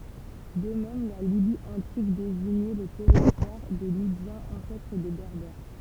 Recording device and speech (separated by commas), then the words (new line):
temple vibration pickup, read sentence
De même, la Libye antique désignait le territoire des Libyens, ancêtre des Berbères.